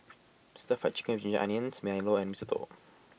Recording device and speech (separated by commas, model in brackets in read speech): boundary microphone (BM630), read sentence